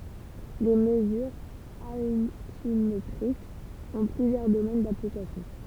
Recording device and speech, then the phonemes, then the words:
temple vibration pickup, read sentence
le məzyʁz altimetʁikz ɔ̃ plyzjœʁ domɛn daplikasjɔ̃
Les mesures altimétriques ont plusieurs domaines d'application.

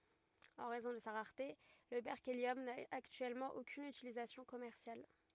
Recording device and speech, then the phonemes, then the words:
rigid in-ear microphone, read sentence
ɑ̃ ʁɛzɔ̃ də sa ʁaʁte lə bɛʁkeljɔm na aktyɛlmɑ̃ okyn ytilizasjɔ̃ kɔmɛʁsjal
En raison de sa rareté, le berkélium n'a actuellement aucune utilisation commerciale.

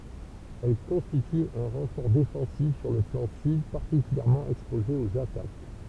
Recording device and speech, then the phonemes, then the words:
temple vibration pickup, read sentence
ɛl kɔ̃stity œ̃ ʁɑ̃fɔʁ defɑ̃sif syʁ lə flɑ̃ syd paʁtikyljɛʁmɑ̃ ɛkspoze oz atak
Elle constitue un renfort défensif sur le flanc sud particulièrement exposé aux attaques.

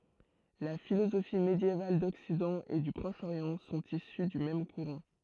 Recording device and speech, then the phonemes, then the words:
throat microphone, read sentence
la filozofi medjeval dɔksidɑ̃ e dy pʁɔʃ oʁjɑ̃ sɔ̃t isy dy mɛm kuʁɑ̃
La philosophie médiévale d'Occident et du Proche-Orient sont issues du même courant.

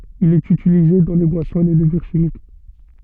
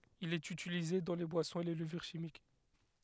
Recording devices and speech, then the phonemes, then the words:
soft in-ear microphone, headset microphone, read sentence
il ɛt ytilize dɑ̃ le bwasɔ̃z e le ləvyʁ ʃimik
Il est utilisé dans les boissons et les levures chimiques.

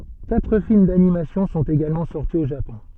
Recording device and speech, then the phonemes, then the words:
soft in-ear microphone, read sentence
katʁ film danimasjɔ̃ sɔ̃t eɡalmɑ̃ sɔʁti o ʒapɔ̃
Quatre films d’animation sont également sortis au Japon.

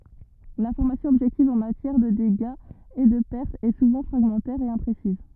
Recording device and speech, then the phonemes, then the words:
rigid in-ear microphone, read sentence
lɛ̃fɔʁmasjɔ̃ ɔbʒɛktiv ɑ̃ matjɛʁ də deɡaz e də pɛʁtz ɛ suvɑ̃ fʁaɡmɑ̃tɛʁ e ɛ̃pʁesiz
L’information objective en matière de dégâts et de pertes est souvent fragmentaire et imprécises.

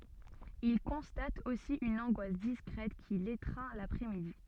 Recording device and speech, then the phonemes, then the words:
soft in-ear microphone, read sentence
il kɔ̃stat osi yn ɑ̃ɡwas diskʁɛt ki letʁɛ̃ lapʁɛsmidi
Il constate aussi une angoisse discrète qui l’étreint l’après-midi.

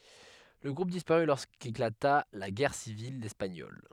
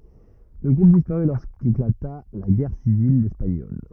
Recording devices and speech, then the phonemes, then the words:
headset microphone, rigid in-ear microphone, read sentence
lə ɡʁup dispaʁy loʁskeklata la ɡɛʁ sivil ɛspaɲɔl
Le groupe disparut lorsqu'éclata la Guerre civile espagnole.

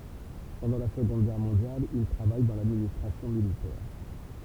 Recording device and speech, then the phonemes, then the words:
temple vibration pickup, read sentence
pɑ̃dɑ̃ la səɡɔ̃d ɡɛʁ mɔ̃djal il tʁavaj dɑ̃ ladministʁasjɔ̃ militɛʁ
Pendant la Seconde Guerre mondiale, il travaille dans l'administration militaire.

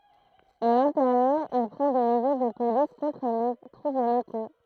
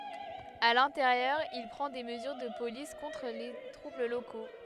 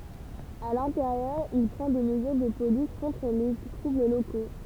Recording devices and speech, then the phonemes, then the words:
throat microphone, headset microphone, temple vibration pickup, read sentence
a lɛ̃teʁjœʁ il pʁɑ̃ de məzyʁ də polis kɔ̃tʁ le tʁubl loko
À l'intérieur, il prend des mesures de police contre les troubles locaux.

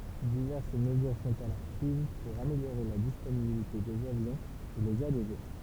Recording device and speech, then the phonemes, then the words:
temple vibration pickup, read sentence
divɛʁs məzyʁ sɔ̃t alɔʁ pʁiz puʁ ameljoʁe la disponibilite dez avjɔ̃z e lez aleʒe
Diverses mesures sont alors prises pour améliorer la disponibilité des avions et les alléger.

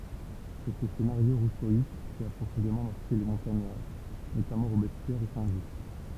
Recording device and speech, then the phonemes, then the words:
temple vibration pickup, read sentence
sɛ sə senaʁjo ʁusoist ki a pʁofɔ̃demɑ̃ maʁke le mɔ̃taɲaʁ notamɑ̃ ʁobɛspjɛʁ e sɛ̃ ʒyst
C'est ce scénario rousseauiste qui a profondément marqué les Montagnards, notamment Robespierre et Saint-Just.

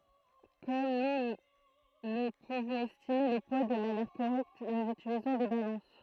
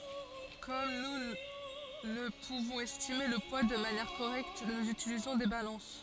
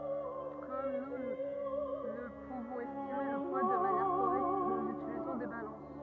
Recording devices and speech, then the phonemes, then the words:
throat microphone, forehead accelerometer, rigid in-ear microphone, read sentence
kɔm nu nə puvɔ̃z ɛstime lə pwa də manjɛʁ koʁɛkt nuz ytilizɔ̃ de balɑ̃s
Comme nous ne pouvons estimer le poids de manière correcte nous utilisons des balances.

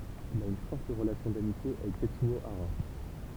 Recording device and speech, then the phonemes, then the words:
temple vibration pickup, read sentence
il a yn fɔʁt ʁəlasjɔ̃ damitje avɛk tɛtsyo aʁa
Il a une forte relation d'amitié avec Tetsuo Hara.

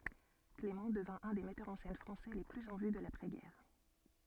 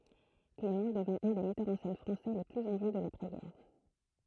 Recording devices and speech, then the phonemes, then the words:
soft in-ear microphone, throat microphone, read sentence
klemɑ̃ dəvɛ̃ œ̃ de mɛtœʁz ɑ̃ sɛn fʁɑ̃sɛ le plyz ɑ̃ vy də lapʁɛzɡɛʁ
Clément devint un des metteurs en scène français les plus en vue de l’après-guerre.

